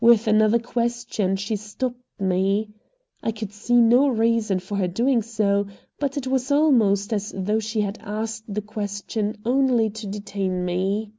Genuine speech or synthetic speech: genuine